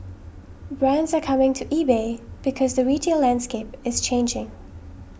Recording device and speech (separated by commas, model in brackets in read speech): boundary microphone (BM630), read sentence